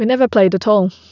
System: none